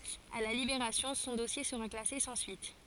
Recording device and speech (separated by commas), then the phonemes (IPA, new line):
forehead accelerometer, read sentence
a la libeʁasjɔ̃ sɔ̃ dɔsje səʁa klase sɑ̃ syit